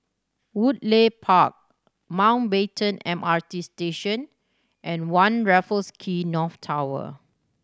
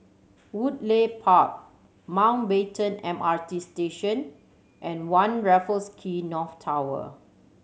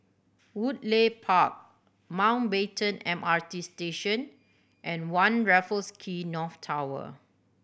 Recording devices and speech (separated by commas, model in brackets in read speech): standing microphone (AKG C214), mobile phone (Samsung C7100), boundary microphone (BM630), read sentence